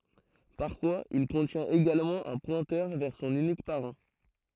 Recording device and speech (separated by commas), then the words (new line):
throat microphone, read sentence
Parfois, il contient également un pointeur vers son unique parent.